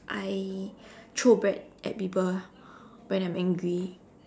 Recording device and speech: standing microphone, conversation in separate rooms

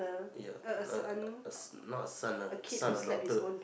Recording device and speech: boundary microphone, conversation in the same room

